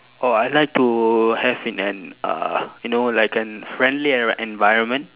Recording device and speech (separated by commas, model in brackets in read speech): telephone, conversation in separate rooms